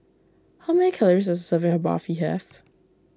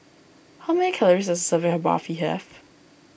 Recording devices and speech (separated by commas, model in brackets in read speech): standing microphone (AKG C214), boundary microphone (BM630), read sentence